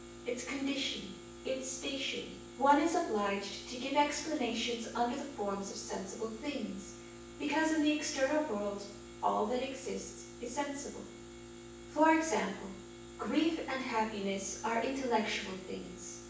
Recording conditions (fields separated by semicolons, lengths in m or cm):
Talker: one person; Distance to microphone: 9.8 m; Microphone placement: far; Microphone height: 1.8 m; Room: large; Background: none